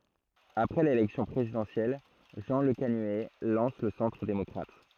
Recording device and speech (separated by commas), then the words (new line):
throat microphone, read sentence
Après l'élection présidentielle, Jean Lecanuet lance le Centre démocrate.